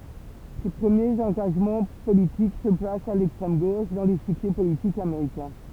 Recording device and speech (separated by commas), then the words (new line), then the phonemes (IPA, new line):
temple vibration pickup, read sentence
Ses premiers engagements politiques se placent à l'extrême gauche dans l'échiquier politique américain.
se pʁəmjez ɑ̃ɡaʒmɑ̃ politik sə plast a lɛkstʁɛm ɡoʃ dɑ̃ leʃikje politik ameʁikɛ̃